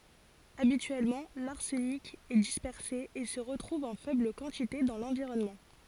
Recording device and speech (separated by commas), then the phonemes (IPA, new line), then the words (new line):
forehead accelerometer, read sentence
abityɛlmɑ̃ laʁsənik ɛ dispɛʁse e sə ʁətʁuv ɑ̃ fɛbl kɑ̃tite dɑ̃ lɑ̃viʁɔnmɑ̃
Habituellement, l’arsenic est dispersé et se retrouve en faible quantité dans l’environnement.